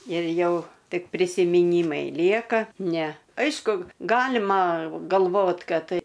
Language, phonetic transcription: Lithuanian, ir ˈjau ˈtik prisimiˈnymai ˈlieka ˈne ˈaišku ˈgalima galˈvot ˈkad

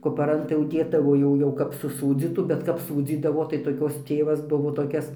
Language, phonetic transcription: Lithuanian, kupaˈran tai jau ˈdėdavo jau ˈjau kap suˈsūdzytų bet ˈkap ˈsūdzydavo tai toˈkios ˈtėvas ˈbuvo toˈkias

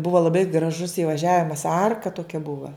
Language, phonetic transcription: Lithuanian, ˈbuva ˈlabai graˈžus įvaˈžiavimas ˈarka toˈkia ˈbuva

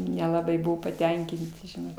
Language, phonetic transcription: Lithuanian, nelaˈbai ˈbuvo paˈtenkinti žiˈnau

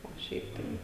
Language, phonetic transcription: Lithuanian, o ˈšiaip tai

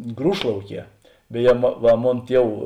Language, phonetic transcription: Lithuanian, ˈgrūšlauˌkie beˈje ma ˈva ˈmon ˈtiev

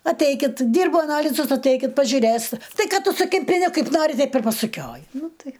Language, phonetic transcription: Lithuanian, atˈeikit ˈdyrbu aˈnalizus atˈeikit pažiuˈrėst ˈtai ˈkad ˈtu su kimpiˈne ˈkaip ˈnari ˈteip ir pasuˈkioji ˈnu ˈtai

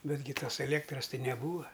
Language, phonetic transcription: Lithuanian, ˈbetgi ˈtos eˈlėktras ˈtai neˈbūa

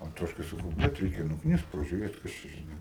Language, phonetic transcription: Lithuanian, anˈtoškai saˈkau ˈbet ˈreikia nukˈnist pažiuˈrėt ˈkas čia žiˈnai

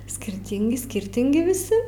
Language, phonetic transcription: Lithuanian, skirˈtyngi ˈskirtingi viˈsi

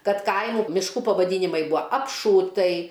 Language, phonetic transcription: Lithuanian, ˈkad ˈkaimu mišˈkų pavaˈdynimai ˈbua apˈšūtai

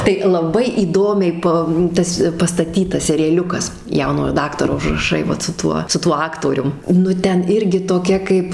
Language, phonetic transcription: Lithuanian, tai laˈbai įˈdomiai ˈpa ˈtas pastaˈtytas serijaˈliukas ˈjaunojo ˈdaktaro užraˈšai ˈvat su ˈtuo su ˈtuo ˈaktorium nu ˈten ˈirgi toˈkia ˈkaip

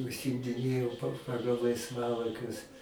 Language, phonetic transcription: Lithuanian, užsimdiˈnėjau pa ˈpagal laisˈvalaikius

